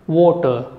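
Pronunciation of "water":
'Water' is said with a vowel that is a typical British sound.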